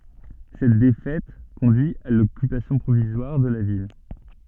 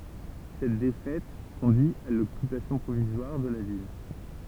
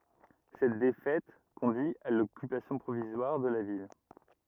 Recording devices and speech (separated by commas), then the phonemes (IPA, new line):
soft in-ear microphone, temple vibration pickup, rigid in-ear microphone, read sentence
sɛt defɛt kɔ̃dyi a lɔkypasjɔ̃ pʁovizwaʁ də la vil